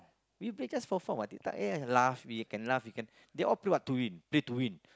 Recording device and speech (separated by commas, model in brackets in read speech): close-talking microphone, conversation in the same room